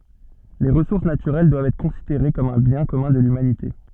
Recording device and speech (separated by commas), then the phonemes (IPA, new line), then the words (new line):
soft in-ear microphone, read sentence
le ʁəsuʁs natyʁɛl dwavt ɛtʁ kɔ̃sideʁe kɔm œ̃ bjɛ̃ kɔmœ̃ də lymanite
Les ressources naturelles doivent être considérées comme un bien commun de l'humanité.